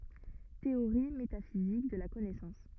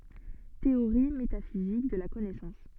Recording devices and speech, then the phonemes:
rigid in-ear microphone, soft in-ear microphone, read sentence
teoʁi metafizik də la kɔnɛsɑ̃s

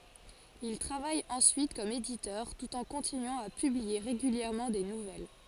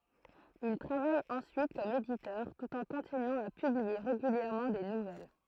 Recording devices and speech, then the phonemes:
forehead accelerometer, throat microphone, read sentence
il tʁavaj ɑ̃syit kɔm editœʁ tut ɑ̃ kɔ̃tinyɑ̃ a pyblie ʁeɡyljɛʁmɑ̃ de nuvɛl

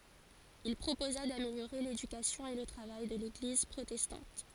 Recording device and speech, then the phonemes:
forehead accelerometer, read sentence
il pʁopoza dameljoʁe ledykasjɔ̃ e lə tʁavaj də leɡliz pʁotɛstɑ̃t

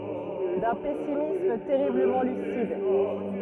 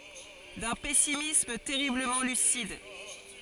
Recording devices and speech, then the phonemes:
rigid in-ear microphone, forehead accelerometer, read sentence
dœ̃ pɛsimism tɛʁibləmɑ̃ lysid

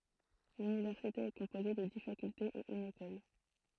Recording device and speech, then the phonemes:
throat microphone, read sentence
lynivɛʁsite ɛ kɔ̃poze də di fakyltez e yn ekɔl

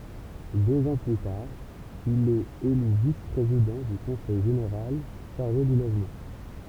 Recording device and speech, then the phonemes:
temple vibration pickup, read sentence
døz ɑ̃ ply taʁ il ɛt ely vis pʁezidɑ̃ dy kɔ̃sɛj ʒeneʁal ʃaʁʒe dy loʒmɑ̃

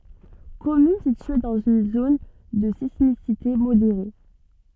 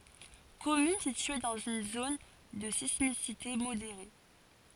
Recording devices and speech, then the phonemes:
soft in-ear microphone, forehead accelerometer, read sentence
kɔmyn sitye dɑ̃z yn zon də sismisite modeʁe

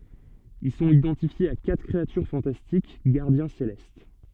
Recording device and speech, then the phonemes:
soft in-ear microphone, read sentence
il sɔ̃t idɑ̃tifjez a katʁ kʁeatyʁ fɑ̃tastik ɡaʁdjɛ̃ selɛst

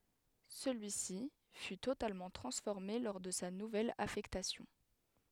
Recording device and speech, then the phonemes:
headset microphone, read sentence
səlyisi fy totalmɑ̃ tʁɑ̃sfɔʁme lɔʁ də sa nuvɛl afɛktasjɔ̃

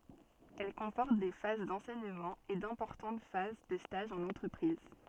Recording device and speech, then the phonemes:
soft in-ear microphone, read sentence
ɛl kɔ̃pɔʁt de faz dɑ̃sɛɲəmɑ̃ e dɛ̃pɔʁtɑ̃t faz də staʒz ɑ̃n ɑ̃tʁəpʁiz

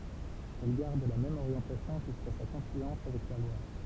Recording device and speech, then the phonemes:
temple vibration pickup, read sentence
ɛl ɡaʁd la mɛm oʁjɑ̃tasjɔ̃ ʒyska sa kɔ̃flyɑ̃s avɛk la lwaʁ

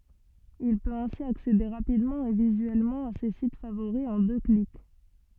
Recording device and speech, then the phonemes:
soft in-ear microphone, read sentence
il pøt ɛ̃si aksede ʁapidmɑ̃ e vizyɛlmɑ̃ a se sit favoʁi ɑ̃ dø klik

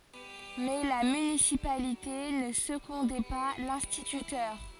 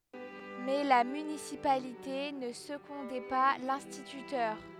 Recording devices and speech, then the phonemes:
forehead accelerometer, headset microphone, read sentence
mɛ la mynisipalite nə səɡɔ̃dɛ pa lɛ̃stitytœʁ

